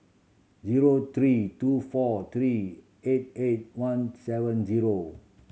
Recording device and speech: mobile phone (Samsung C7100), read sentence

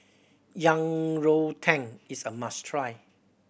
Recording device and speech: boundary microphone (BM630), read sentence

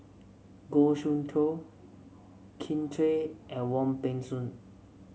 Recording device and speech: mobile phone (Samsung C7), read sentence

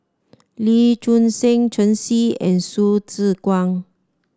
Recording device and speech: standing microphone (AKG C214), read sentence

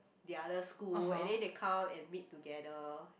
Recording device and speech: boundary microphone, conversation in the same room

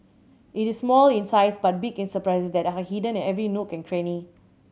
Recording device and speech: mobile phone (Samsung C7100), read sentence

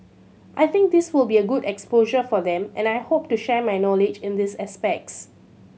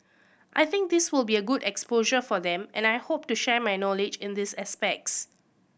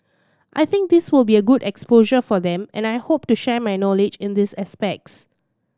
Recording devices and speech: mobile phone (Samsung C7100), boundary microphone (BM630), standing microphone (AKG C214), read sentence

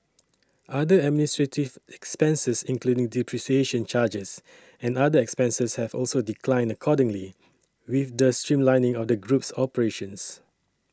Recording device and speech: standing microphone (AKG C214), read sentence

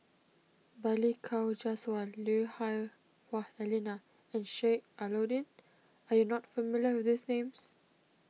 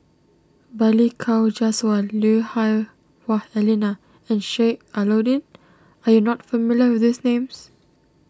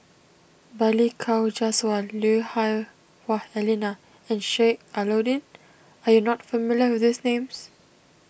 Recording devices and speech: mobile phone (iPhone 6), standing microphone (AKG C214), boundary microphone (BM630), read sentence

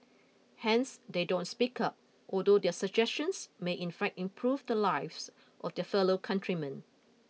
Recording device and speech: mobile phone (iPhone 6), read sentence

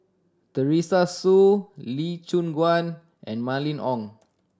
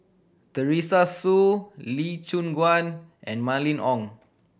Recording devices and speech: standing microphone (AKG C214), boundary microphone (BM630), read sentence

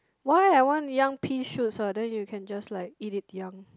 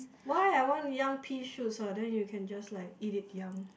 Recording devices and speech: close-talking microphone, boundary microphone, conversation in the same room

